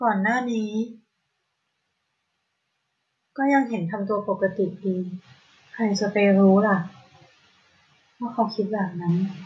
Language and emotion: Thai, sad